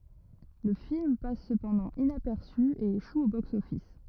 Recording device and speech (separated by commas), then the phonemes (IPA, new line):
rigid in-ear microphone, read sentence
lə film pas səpɑ̃dɑ̃ inapɛʁsy e eʃu o boksɔfis